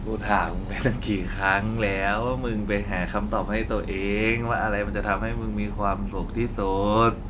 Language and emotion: Thai, frustrated